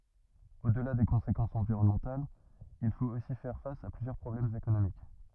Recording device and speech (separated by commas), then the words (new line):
rigid in-ear microphone, read sentence
Au-delà des conséquences environnementales, il faut aussi faire face à plusieurs problèmes économiques.